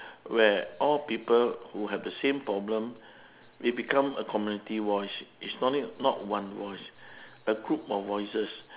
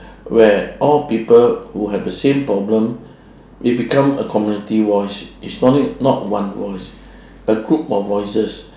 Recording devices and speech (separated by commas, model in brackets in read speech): telephone, standing microphone, conversation in separate rooms